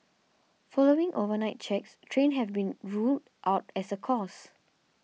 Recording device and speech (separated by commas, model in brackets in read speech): mobile phone (iPhone 6), read sentence